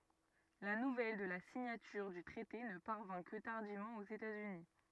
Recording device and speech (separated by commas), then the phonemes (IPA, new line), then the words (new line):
rigid in-ear microphone, read sentence
la nuvɛl də la siɲatyʁ dy tʁɛte nə paʁvɛ̃ kə taʁdivmɑ̃ oz etaz yni
La nouvelle de la signature du traité ne parvint que tardivement aux États-Unis.